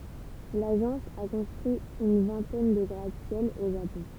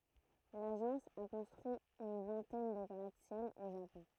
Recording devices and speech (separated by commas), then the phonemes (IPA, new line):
temple vibration pickup, throat microphone, read sentence
laʒɑ̃s a kɔ̃stʁyi yn vɛ̃tɛn də ɡʁatəsjɛl o ʒapɔ̃